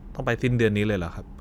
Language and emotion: Thai, neutral